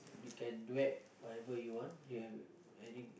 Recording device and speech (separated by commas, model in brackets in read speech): boundary microphone, conversation in the same room